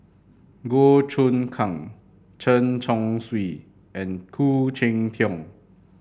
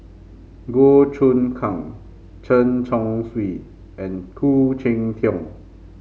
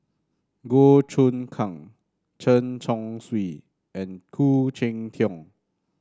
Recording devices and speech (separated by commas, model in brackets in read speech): boundary microphone (BM630), mobile phone (Samsung C5), standing microphone (AKG C214), read sentence